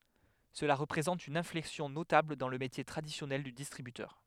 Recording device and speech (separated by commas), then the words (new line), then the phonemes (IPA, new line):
headset microphone, read sentence
Cela représente une inflexion notable dans le métier traditionnel du distributeur.
səla ʁəpʁezɑ̃t yn ɛ̃flɛksjɔ̃ notabl dɑ̃ lə metje tʁadisjɔnɛl dy distʁibytœʁ